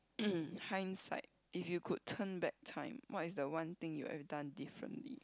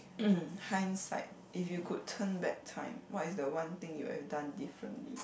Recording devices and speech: close-talking microphone, boundary microphone, conversation in the same room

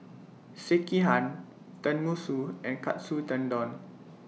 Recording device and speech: mobile phone (iPhone 6), read sentence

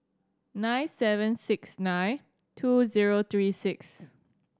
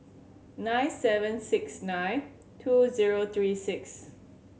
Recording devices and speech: standing microphone (AKG C214), mobile phone (Samsung C7100), read sentence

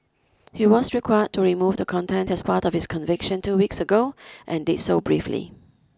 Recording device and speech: close-talking microphone (WH20), read sentence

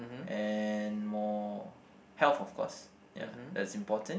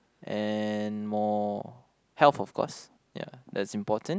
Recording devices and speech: boundary microphone, close-talking microphone, conversation in the same room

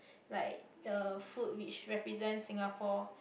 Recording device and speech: boundary microphone, conversation in the same room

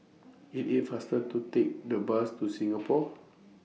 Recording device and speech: mobile phone (iPhone 6), read sentence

